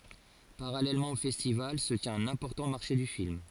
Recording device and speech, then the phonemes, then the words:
forehead accelerometer, read sentence
paʁalɛlmɑ̃ o fɛstival sə tjɛ̃t œ̃n ɛ̃pɔʁtɑ̃ maʁʃe dy film
Parallèlement au festival, se tient un important marché du film.

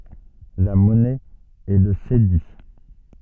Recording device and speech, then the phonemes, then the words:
soft in-ear microphone, read sentence
la mɔnɛ ɛ lə sedi
La monnaie est le cédi.

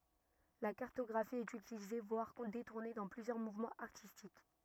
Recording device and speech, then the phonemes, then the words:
rigid in-ear microphone, read sentence
la kaʁtɔɡʁafi ɛt ytilize vwaʁ detuʁne dɑ̃ plyzjœʁ muvmɑ̃z aʁtistik
La cartographie est utilisée voire détournée dans plusieurs mouvements artistiques.

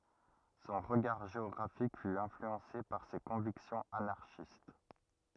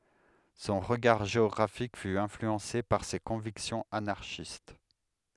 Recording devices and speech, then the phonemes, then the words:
rigid in-ear microphone, headset microphone, read sentence
sɔ̃ ʁəɡaʁ ʒeɔɡʁafik fy ɛ̃flyɑ̃se paʁ se kɔ̃viksjɔ̃z anaʁʃist
Son regard géographique fut influencé par ses convictions anarchistes.

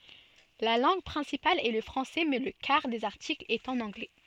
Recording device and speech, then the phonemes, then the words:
soft in-ear microphone, read sentence
la lɑ̃ɡ pʁɛ̃sipal ɛ lə fʁɑ̃sɛ mɛ lə kaʁ dez aʁtiklz ɛt ɑ̃n ɑ̃ɡlɛ
La langue principale est le français, mais le quart des articles est en anglais.

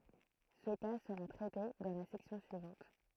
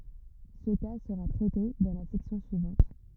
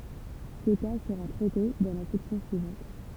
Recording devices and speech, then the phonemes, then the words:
throat microphone, rigid in-ear microphone, temple vibration pickup, read sentence
sə ka səʁa tʁɛte dɑ̃ la sɛksjɔ̃ syivɑ̃t
Ce cas sera traité dans la section suivante.

